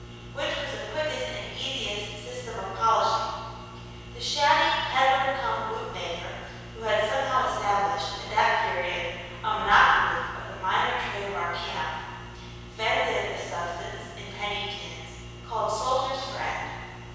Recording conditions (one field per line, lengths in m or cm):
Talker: one person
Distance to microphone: 7.1 m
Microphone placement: far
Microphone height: 1.7 m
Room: very reverberant, large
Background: none